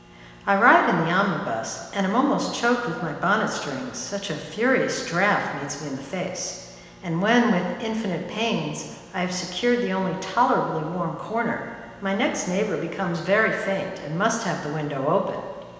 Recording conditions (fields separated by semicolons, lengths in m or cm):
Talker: one person; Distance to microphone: 1.7 m; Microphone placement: close; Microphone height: 1.0 m; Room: very reverberant, large; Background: none